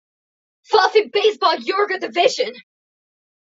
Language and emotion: English, surprised